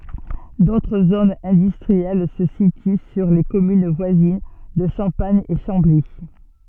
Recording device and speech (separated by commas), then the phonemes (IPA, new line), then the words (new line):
soft in-ear microphone, read sentence
dotʁ zonz ɛ̃dystʁiɛl sə sity syʁ le kɔmyn vwazin də ʃɑ̃paɲ e ʃɑ̃bli
D'autres zones industrielles se situent sur les communes voisines de Champagne et Chambly.